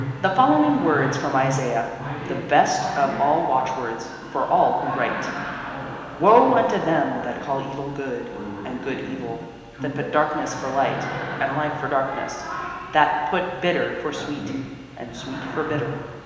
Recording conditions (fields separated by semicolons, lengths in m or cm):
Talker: one person; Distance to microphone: 1.7 m; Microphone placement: close; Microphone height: 1.0 m; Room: very reverberant, large; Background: television